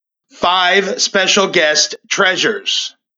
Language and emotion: English, happy